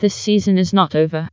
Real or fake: fake